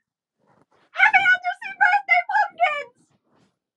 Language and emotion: English, fearful